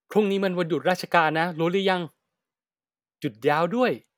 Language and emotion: Thai, happy